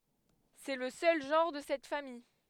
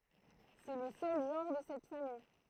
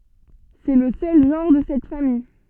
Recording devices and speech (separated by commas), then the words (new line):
headset microphone, throat microphone, soft in-ear microphone, read sentence
C'est le seul genre de cette famille.